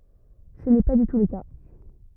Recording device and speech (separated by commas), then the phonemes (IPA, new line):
rigid in-ear microphone, read sentence
sə nɛ pa dy tu lə ka